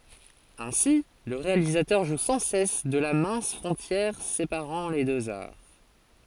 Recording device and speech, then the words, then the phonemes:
forehead accelerometer, read sentence
Ainsi, le réalisateur joue sans cesse de la mince frontière séparant les deux arts.
ɛ̃si lə ʁealizatœʁ ʒu sɑ̃ sɛs də la mɛ̃s fʁɔ̃tjɛʁ sepaʁɑ̃ le døz aʁ

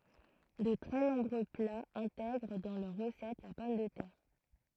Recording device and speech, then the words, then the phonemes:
throat microphone, read sentence
De très nombreux plats intègrent dans leur recette la pomme de terre.
də tʁɛ nɔ̃bʁø plaz ɛ̃tɛɡʁ dɑ̃ lœʁ ʁəsɛt la pɔm də tɛʁ

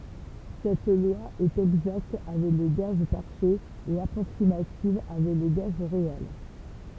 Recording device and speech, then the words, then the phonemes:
temple vibration pickup, read sentence
Cette loi est exacte avec les gaz parfaits et approximative avec les gaz réels.
sɛt lwa ɛt ɛɡzakt avɛk le ɡaz paʁfɛz e apʁoksimativ avɛk le ɡaz ʁeɛl

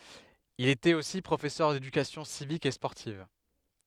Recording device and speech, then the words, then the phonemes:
headset microphone, read sentence
Il était aussi professeur d'éducation civique et sportive.
il etɛt osi pʁofɛsœʁ dedykasjɔ̃ sivik e spɔʁtiv

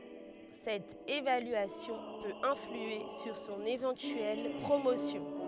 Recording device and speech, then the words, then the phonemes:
headset microphone, read sentence
Cette évaluation peut influer sur son éventuelle promotion.
sɛt evalyasjɔ̃ pøt ɛ̃flye syʁ sɔ̃n evɑ̃tyɛl pʁomosjɔ̃

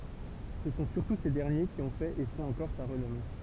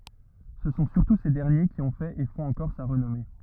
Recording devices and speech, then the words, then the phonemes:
temple vibration pickup, rigid in-ear microphone, read sentence
Ce sont surtout ces derniers qui ont fait et font encore sa renommée.
sə sɔ̃ syʁtu se dɛʁnje ki ɔ̃ fɛt e fɔ̃t ɑ̃kɔʁ sa ʁənɔme

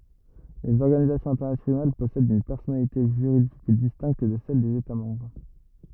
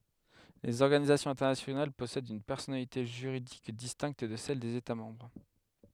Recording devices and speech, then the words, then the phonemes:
rigid in-ear microphone, headset microphone, read sentence
Les organisations internationales possèdent une personnalité juridique distincte de celle des États membres.
lez ɔʁɡanizasjɔ̃z ɛ̃tɛʁnasjonal pɔsɛdt yn pɛʁsɔnalite ʒyʁidik distɛ̃kt də sɛl dez eta mɑ̃bʁ

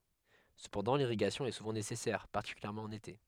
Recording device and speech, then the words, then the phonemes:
headset microphone, read sentence
Cependant l'irrigation est souvent nécessaire, particulièrement en été.
səpɑ̃dɑ̃ liʁiɡasjɔ̃ ɛ suvɑ̃ nesɛsɛʁ paʁtikyljɛʁmɑ̃ ɑ̃n ete

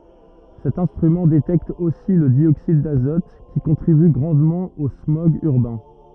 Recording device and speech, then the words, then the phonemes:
rigid in-ear microphone, read sentence
Cet instrument détecte aussi le dioxyde d'azote, qui contribue grandement aux smogs urbains.
sɛt ɛ̃stʁymɑ̃ detɛkt osi lə djoksid dazɔt ki kɔ̃tʁiby ɡʁɑ̃dmɑ̃ o smɔɡz yʁbɛ̃

